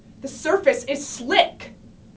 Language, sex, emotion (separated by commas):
English, female, angry